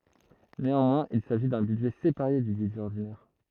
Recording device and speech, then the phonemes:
throat microphone, read sentence
neɑ̃mwɛ̃z il saʒi dœ̃ bydʒɛ sepaʁe dy bydʒɛ ɔʁdinɛʁ

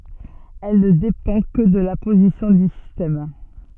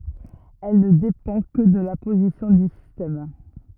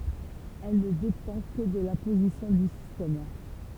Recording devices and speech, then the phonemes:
soft in-ear microphone, rigid in-ear microphone, temple vibration pickup, read sentence
ɛl nə depɑ̃ kə də la pozisjɔ̃ dy sistɛm

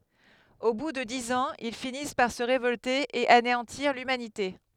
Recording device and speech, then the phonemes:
headset microphone, read sentence
o bu də diz ɑ̃z il finis paʁ sə ʁevɔlte e aneɑ̃tiʁ lymanite

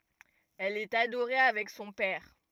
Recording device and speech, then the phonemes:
rigid in-ear microphone, read sentence
ɛl ɛt adoʁe avɛk sɔ̃ pɛʁ

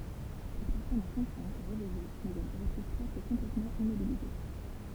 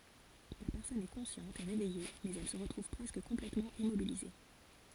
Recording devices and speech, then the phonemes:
temple vibration pickup, forehead accelerometer, read sentence
la pɛʁsɔn ɛ kɔ̃sjɑ̃t e ʁevɛje mɛz ɛl sə ʁətʁuv pʁɛskə kɔ̃plɛtmɑ̃ immobilize

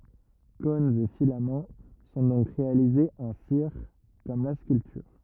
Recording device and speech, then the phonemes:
rigid in-ear microphone, read sentence
kɔ̃nz e filamɑ̃ sɔ̃ dɔ̃k ʁealizez ɑ̃ siʁ kɔm la skyltyʁ

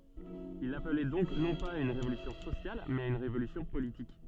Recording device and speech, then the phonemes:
soft in-ear microphone, read sentence
il aplɛ dɔ̃k nɔ̃ paz a yn ʁevolysjɔ̃ sosjal mɛz a yn ʁevolysjɔ̃ politik

